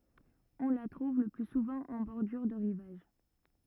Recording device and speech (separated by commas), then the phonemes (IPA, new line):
rigid in-ear microphone, read sentence
ɔ̃ la tʁuv lə ply suvɑ̃ ɑ̃ bɔʁdyʁ də ʁivaʒ